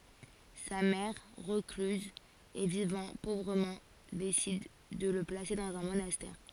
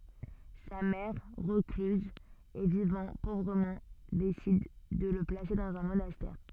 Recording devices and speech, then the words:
forehead accelerometer, soft in-ear microphone, read sentence
Sa mère, recluse et vivant pauvrement, décide de le placer dans un monastère.

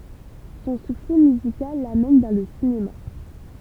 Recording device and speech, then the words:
temple vibration pickup, read sentence
Son succès musical l'amène vers le cinéma.

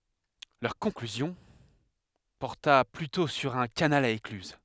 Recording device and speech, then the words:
headset microphone, read sentence
Leur conclusion porta plutôt sur un canal à écluses.

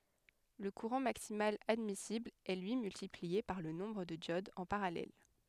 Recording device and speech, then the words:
headset microphone, read sentence
Le courant maximal admissible est lui multiplié par le nombre de diodes en parallèle.

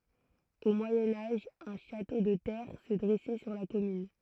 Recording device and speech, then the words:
throat microphone, read sentence
Au Moyen Âge un château de terre se dressait sur la commune.

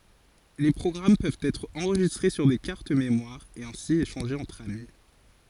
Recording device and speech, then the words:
forehead accelerometer, read sentence
Les programmes peuvent être enregistrés sur des cartes mémoires et ainsi échangés entre amis.

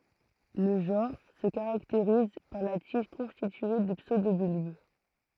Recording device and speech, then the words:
throat microphone, read sentence
Le genre se caractérise par la tige constituée de pseudobulbes.

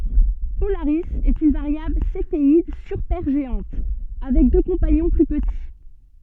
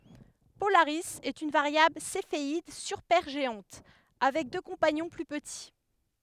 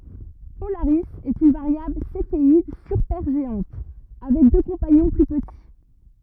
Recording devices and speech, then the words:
soft in-ear microphone, headset microphone, rigid in-ear microphone, read sentence
Polaris est une variable céphéide supergéante, avec deux compagnons plus petits.

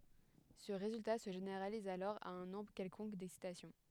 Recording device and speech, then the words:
headset microphone, read sentence
Ce résultat se généralise alors à un nombre quelconque d'excitations.

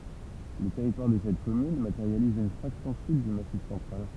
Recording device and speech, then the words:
temple vibration pickup, read sentence
Le territoire de cette commune matérialise une fraction sud du Massif central.

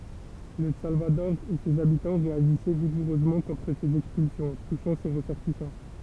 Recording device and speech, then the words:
temple vibration pickup, read sentence
Le Salvador et ses habitants réagissaient vigoureusement contre ces expulsions, touchant ses ressortissants.

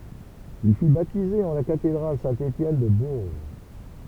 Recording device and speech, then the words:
temple vibration pickup, read sentence
Il fut baptisé en la cathédrale Saint-Étienne de Bourges.

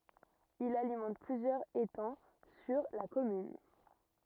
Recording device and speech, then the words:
rigid in-ear microphone, read sentence
Il alimente plusieurs étangs sur la commune.

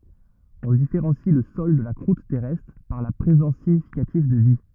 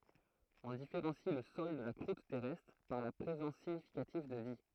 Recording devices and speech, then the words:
rigid in-ear microphone, throat microphone, read sentence
On différencie le sol de la croûte terrestre par la présence significative de vie.

